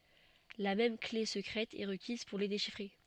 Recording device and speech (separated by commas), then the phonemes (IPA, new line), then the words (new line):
soft in-ear microphone, read sentence
la mɛm kle səkʁɛt ɛ ʁəkiz puʁ le deʃifʁe
La même clé secrète est requise pour les déchiffrer.